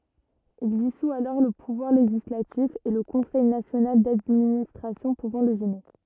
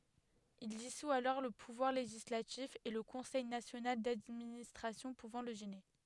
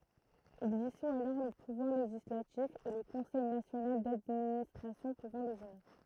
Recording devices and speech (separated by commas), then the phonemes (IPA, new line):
rigid in-ear microphone, headset microphone, throat microphone, read sentence
il disu alɔʁ lə puvwaʁ leʒislatif e lə kɔ̃sɛj nasjonal dadministʁasjɔ̃ puvɑ̃ lə ʒɛne